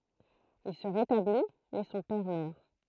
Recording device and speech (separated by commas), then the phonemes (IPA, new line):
throat microphone, read sentence
il sə ʁetabli mɛ sɔ̃ pɛʁ mœʁ